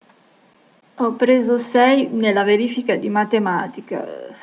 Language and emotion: Italian, disgusted